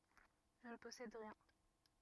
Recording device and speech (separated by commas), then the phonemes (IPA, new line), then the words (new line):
rigid in-ear microphone, read sentence
ʒə nə pɔsɛd ʁiɛ̃
Je ne possède rien.